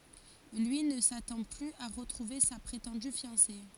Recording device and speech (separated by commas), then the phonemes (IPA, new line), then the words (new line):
forehead accelerometer, read sentence
lyi nə satɑ̃ plyz a ʁətʁuve sa pʁetɑ̃dy fjɑ̃se
Lui ne s'attend plus à retrouver sa prétendue fiancée.